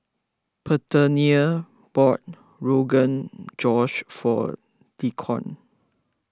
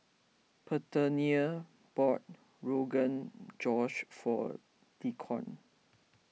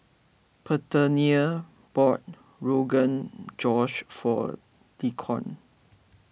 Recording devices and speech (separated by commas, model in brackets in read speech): close-talking microphone (WH20), mobile phone (iPhone 6), boundary microphone (BM630), read sentence